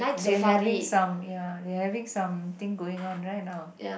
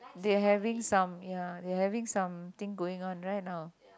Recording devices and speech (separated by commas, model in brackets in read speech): boundary microphone, close-talking microphone, conversation in the same room